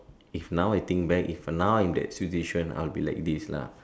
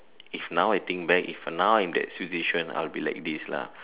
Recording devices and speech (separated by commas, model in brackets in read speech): standing microphone, telephone, conversation in separate rooms